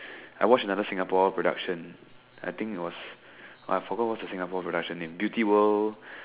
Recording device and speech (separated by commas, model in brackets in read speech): telephone, conversation in separate rooms